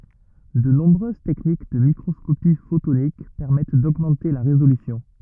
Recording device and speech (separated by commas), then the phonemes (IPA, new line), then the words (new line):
rigid in-ear microphone, read sentence
də nɔ̃bʁøz tɛknik də mikʁɔskopi fotonik pɛʁmɛt doɡmɑ̃te la ʁezolysjɔ̃
De nombreuses techniques de microscopie photonique permettent d'augmenter la résolution.